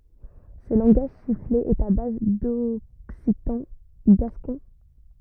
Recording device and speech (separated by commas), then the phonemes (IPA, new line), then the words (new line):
rigid in-ear microphone, read sentence
sə lɑ̃ɡaʒ sifle ɛt a baz dɔksitɑ̃ ɡaskɔ̃
Ce langage sifflé est à base d'occitan gascon.